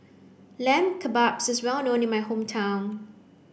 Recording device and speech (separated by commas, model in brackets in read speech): boundary microphone (BM630), read sentence